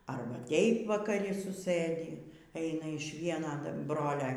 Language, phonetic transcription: Lithuanian, ˈarba ˈtėip vakaˈri suˈsɘdį ˈeina iš ˈviena ˈbrolia

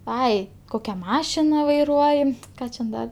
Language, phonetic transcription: Lithuanian, ˈai ˈkokia ˈmašina vaiˈruoji ˈką čia ˈda

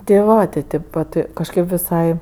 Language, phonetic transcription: Lithuanian, ti ˈva ti ˈtėp vat kažˈkėp viˈsai

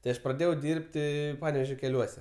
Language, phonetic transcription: Lithuanian, tai ˈaš praˈdėjau ˈdirbti ˈpanevėžio keˈliuose

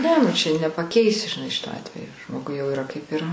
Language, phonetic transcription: Lithuanian, ˈne nu ˈčia nepaˈkeisi žiˈnai ˈšito ˈatvejo ˈžmogui jau yˈra kaip yˈra

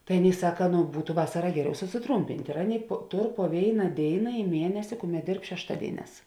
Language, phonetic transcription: Lithuanian, tai ˈaˌnėi ˈsaka nu ˈbūtu ˈvasara ˈgeˌriau susiˈtrūmpint' ir ˈaˌnėi po ˈtor po ˈvėina ˈdėina i ˈmienesi ˈkuˌmet ˈdėrb šešˈtadėiˌnēs

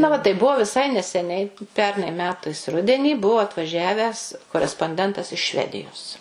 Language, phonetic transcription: Lithuanian, ˈna va tai ˈbuvo viˈsai neseˈniai ˈpernai ˈmetais ˈrudenį ˈbuvu atvaˈžiavęs koresponˈdentas iš ˈšvedijos

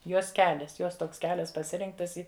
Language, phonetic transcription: Lithuanian, ˈjos ˈkelias ˈjos tˈoks ˈkelias paˈsirinktas ˈi

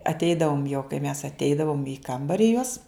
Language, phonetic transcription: Lithuanian, atˈeidavum jo kai mes atˈeidavum į ˈkambari juos

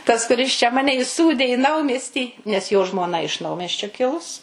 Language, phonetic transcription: Lithuanian, tas kuˈris čia ˈmane iˈsūdė į ˈnaumiestį nes jo žmoˈna iš ˈnaumiesčio ˈkilus

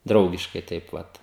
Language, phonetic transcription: Lithuanian, ˈdraugiškai ˈtaip ˈvat

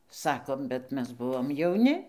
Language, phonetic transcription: Lithuanian, ˈsakom bet ˈmes ˈbuvom jauˈni

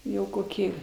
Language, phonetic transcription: Lithuanian, ˈjau koˈkį

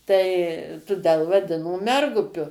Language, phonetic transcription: Lithuanian, tai tuˈdel vaˈdino ˈmergupiu

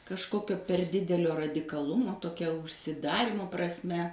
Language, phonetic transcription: Lithuanian, kažˈkokio per ˈdidelio radikaˈlumo toˈkia užsiˈdarymo prasˈme

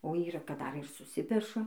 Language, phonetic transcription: Lithuanian, o ˈyra kad ˈdar ir suˈsipeša

